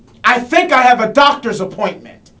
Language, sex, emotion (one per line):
English
male
angry